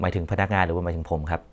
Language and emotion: Thai, neutral